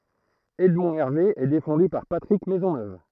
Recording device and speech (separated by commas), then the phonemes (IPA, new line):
throat microphone, read sentence
ɛdmɔ̃ ɛʁve ɛ defɑ̃dy paʁ patʁik mɛzɔnøv